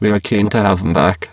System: VC, spectral filtering